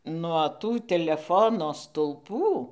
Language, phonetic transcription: Lithuanian, nuo ˈtų teleˈfono stuˈlpų

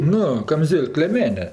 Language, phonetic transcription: Lithuanian, ˈnu kamˈzėl'k lėˈmene

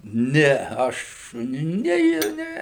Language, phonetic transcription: Lithuanian, ˈne ˈaš ˈne ˈji ˈne

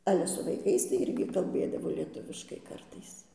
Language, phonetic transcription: Lithuanian, ˈale su vaiˈkais tai ˈirgi kalˈbėdavo lieˈtuviškai ˈkartais

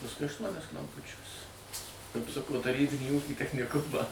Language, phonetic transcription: Lithuanian, pasˈkui ašˈtuonias klamˈpučiuos kapˈsuko taˈrybinį ˈūkį techniˈkumą

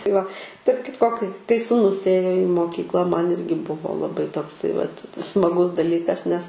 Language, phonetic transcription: Lithuanian, tai va tarp ˈkitko kai kai sūˈnus ˈėjo i moˈkykla man ˈirgi ˈbuvo laˈbai tokˈsai vat smaˈgus daˈlykas nes

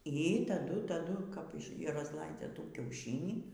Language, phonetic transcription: Lithuanian, y taˈdu taˈdu kap razˈlaidzia ˈtų kiauˈšinį

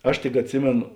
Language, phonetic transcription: Lithuanian, ˈaš tik atˈsimėno

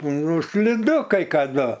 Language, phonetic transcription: Lithuanian, ˈnu sliˈdu kai kaˈdu

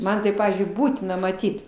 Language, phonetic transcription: Lithuanian, ˈman tai ˈpavyzdžiui ˈbūtina maˈtyt

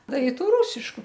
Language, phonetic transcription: Lithuanian, ˈda i ˈtų ˈrūsišku

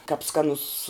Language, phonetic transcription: Lithuanian, kap ˈskanus

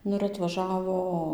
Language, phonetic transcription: Lithuanian, ˈnu ir atvaˈžavo

